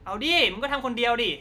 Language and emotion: Thai, frustrated